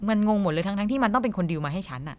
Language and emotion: Thai, frustrated